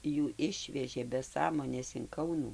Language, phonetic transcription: Lithuanian, jų ˈišvežė be ˈsąmonės in ˈkaunų

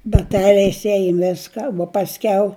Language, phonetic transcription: Lithuanian, baˈteliais ˈejum ˈviska uo pasˈkiau

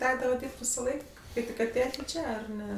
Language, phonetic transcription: Lithuanian, ˈtekdava ˈdyrb't' visaˈlaik ˈkai tik aˈtėjet' ˈčia ar ˈne

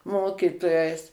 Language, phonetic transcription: Lithuanian, ˈmokytojais

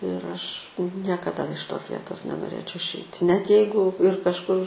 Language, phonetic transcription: Lithuanian, ir ˈaš niekaˈda iš ˈtos ˈvietos nenoˈrėčiau išˈeiti net ˈjeigu ir kažˈkur

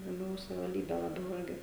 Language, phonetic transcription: Lithuanian, laˈbiau savivalˈdybe laˈbiau ˈirgi

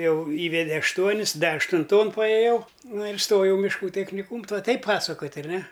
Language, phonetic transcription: Lithuanian, ˈjau ˈįvede ašˈtuonis ˈda aštunˈton paėˈjau ˈnu ir ˈstojau mišˈkų techniˈkūm tuo ˈtaip ˈpasakot' arˈne

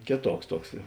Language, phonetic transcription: Lithuanian, ˈkėˌtuoks ˈtuoks

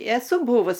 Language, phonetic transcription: Lithuanian, eˈsu ˈbūvus

